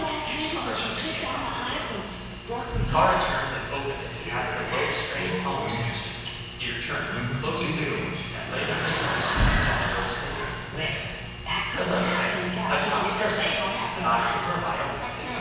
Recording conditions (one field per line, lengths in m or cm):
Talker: one person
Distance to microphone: 7.1 m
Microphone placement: far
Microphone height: 1.7 m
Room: very reverberant, large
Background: television